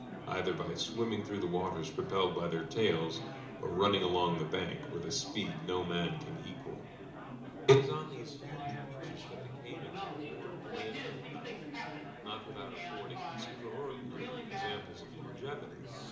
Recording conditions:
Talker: one person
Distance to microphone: 2.0 m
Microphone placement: close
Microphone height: 99 cm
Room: medium-sized (5.7 m by 4.0 m)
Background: babble

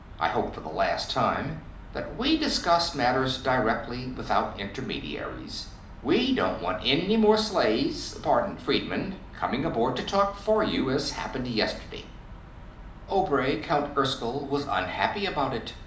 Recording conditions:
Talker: one person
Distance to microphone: 2.0 m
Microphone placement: close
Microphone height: 99 cm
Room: medium-sized (5.7 m by 4.0 m)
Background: none

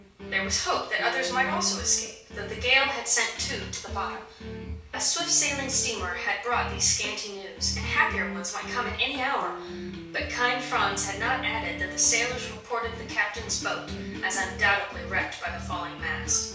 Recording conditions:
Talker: one person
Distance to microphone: 3.0 m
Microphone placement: far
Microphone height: 1.8 m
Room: small (3.7 m by 2.7 m)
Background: music

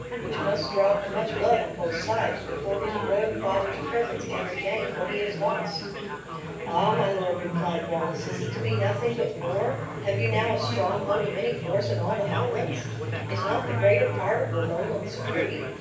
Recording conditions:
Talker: one person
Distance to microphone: 9.8 m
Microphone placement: far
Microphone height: 1.8 m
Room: large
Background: babble

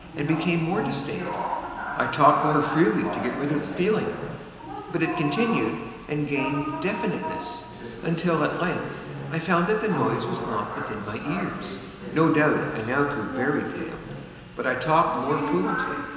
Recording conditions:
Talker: one person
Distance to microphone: 1.7 m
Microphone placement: close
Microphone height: 1.0 m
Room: very reverberant, large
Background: television

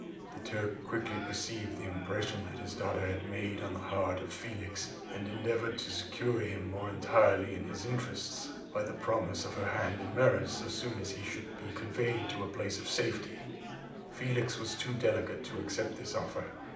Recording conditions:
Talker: one person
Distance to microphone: 2.0 m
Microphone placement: close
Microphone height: 99 cm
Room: medium-sized (5.7 m by 4.0 m)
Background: babble

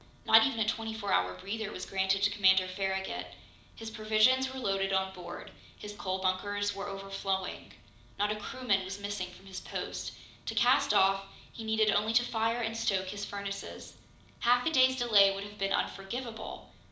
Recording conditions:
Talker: one person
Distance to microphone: 2.0 m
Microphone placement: close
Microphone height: 99 cm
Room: medium-sized (5.7 m by 4.0 m)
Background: none

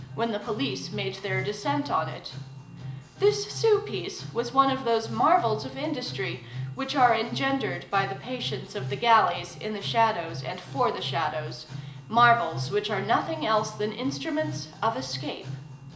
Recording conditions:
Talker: one person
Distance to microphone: 1.8 m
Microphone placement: close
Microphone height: 1.0 m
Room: large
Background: music

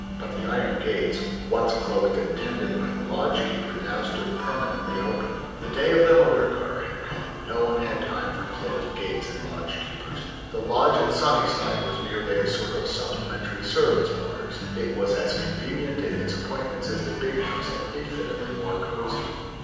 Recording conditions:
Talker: one person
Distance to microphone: 7.1 m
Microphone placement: far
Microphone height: 1.7 m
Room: very reverberant, large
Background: music

